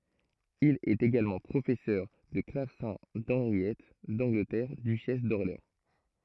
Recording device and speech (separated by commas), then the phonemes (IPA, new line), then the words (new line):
throat microphone, read sentence
il ɛt eɡalmɑ̃ pʁofɛsœʁ də klavsɛ̃ dɑ̃ʁjɛt dɑ̃ɡlətɛʁ dyʃɛs dɔʁleɑ̃
Il est également professeur de clavecin d’Henriette d'Angleterre, duchesse d'Orléans.